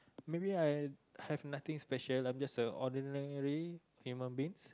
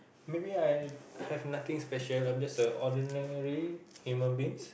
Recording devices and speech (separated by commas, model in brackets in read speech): close-talking microphone, boundary microphone, conversation in the same room